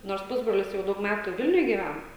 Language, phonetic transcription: Lithuanian, nors ˈpusbrolis jau ˈdaug ˈmetų ˈvilniuj gyˈven

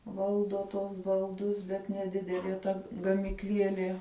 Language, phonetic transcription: Lithuanian, ˈvaldo tuos balˈdus bet neˈdidelie ˈta gamikˈlielie

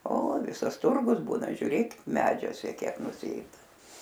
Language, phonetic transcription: Lithuanian, o ˈvisas ˈturgus ˈbūna žiuˈrėk ˈmedžiuose ˈkiek nuˈsėda

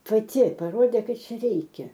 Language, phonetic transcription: Lithuanian, paˈti paˈrodė ˈkad ˈčia ˈreikia

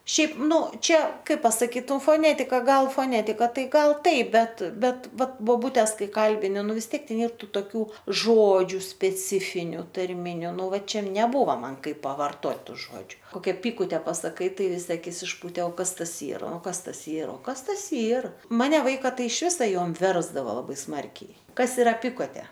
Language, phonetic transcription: Lithuanian, ˈšiaip ˈnu čia ˈkaip pasaˈkyt foˈnetika ˈgal foˈnetika ˈtai ˈgal ˈtaip ˈbet ˈbet ˈvat boˈbūtes ˈkai ˈkalbini ˈnu vis ˈtiek ˈten ˈyr ˈtų toˈkių ˈžodžiu speˈcifiniu tarˈminiu ˈnu ˈva ˈčia neˈbūva ˈman ˈkaip pavarˈtot' ˈžodžiu ˈkokia ˈpykute pasaˈkai ˈtai viˈsi aˈkis išˈpūte o ˈkas ˈtas ˈyra ˈo ˈkas ˈtas ˈyr o ˈkas ˈtas ˈyr ˈmane ˈvaika ˈtai iš ˈvisa ˈjom ˈversdavo laˈbai ˈsmarkiai ˈkas iˈra ˈpikotė

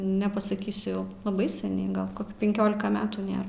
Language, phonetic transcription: Lithuanian, nepasaˈkysiu jau laˈbai seˈniai ˈgal ˈkoki penˈkiolika ˈmetų ˈnėr

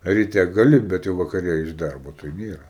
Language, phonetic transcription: Lithuanian, ryˈte gaˈli bet ˈjau vakaˈre iš ˈdarbo tai ˈnėra

